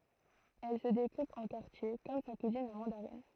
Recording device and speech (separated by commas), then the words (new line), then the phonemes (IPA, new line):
throat microphone, read sentence
Elle se découpe en quartiers comme sa cousine la mandarine.
ɛl sə dekup ɑ̃ kaʁtje kɔm sa kuzin la mɑ̃daʁin